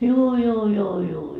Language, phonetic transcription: Finnish, juu juu juu juu .
- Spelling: juu juu juu juu

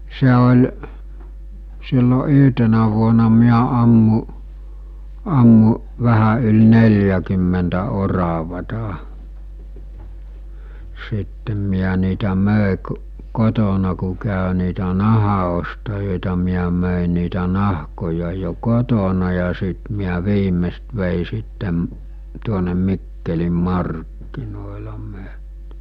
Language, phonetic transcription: Finnish, se oĺ , sillo 'yɦtenä vuona miä ammu͕ , ammu͕ , 'vähä yl "nel̜jäkymmentä 'oravata , sittem miä niitä 'mö̀e kᵘ̬ , 'kotona ku kä̀ö niitä 'naha₍ostajòeta miä mö̀e niitä 'nahkoja jo 'kotona ja sìt miä 'viimest vèi sittem̳ , tuonem 'Mikkelim̆ 'markkinòela mö̀(en) .
- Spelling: se oli silloin yhtenä vuonna minä ammuin ammuin vähän yli neljäkymmentä oravaa sitten minä niitä myin kun kotona kun kävi niitä nahanostajia minä myin niitä nahkoja jo kotona ja sitten minä viimeksi vein sitten tuonne Mikkelin markkinoilla myin

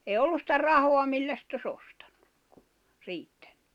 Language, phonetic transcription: Finnish, èi ollu ‿stä 'rahoa 'millä sⁱt ‿o's ‿ostᴀɴɴᴜk , 'riittᴀ̈ɴɴʏ .
- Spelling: ei ollut sitä rahaa millä se olisi ostanut riittänyt

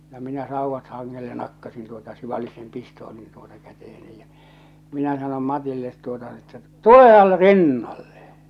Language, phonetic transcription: Finnish, ja 'minä sauvvat 'haŋŋelle 'nakkasin tuota (ja) 'sivali sen̳ 'pistoolin tuota 'käteheni ja , minä sanom 'Matillet tuota n ‿että » "tulehal̳ , "rinnalle ! «
- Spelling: ja minä sauvat hangelle nakkasin tuota ja sivalsin sen pistoolin tuota käteeni ja minä sanoin Matille tuota no että tulehan rinnalle

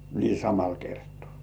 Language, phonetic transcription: Finnish, nii "samal 'kertᴏ̆ᴀ̀ .
- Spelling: niin samalla kertaa

